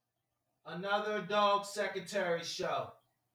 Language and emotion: English, neutral